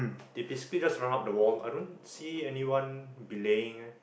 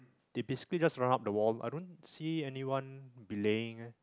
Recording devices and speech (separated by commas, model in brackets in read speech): boundary microphone, close-talking microphone, conversation in the same room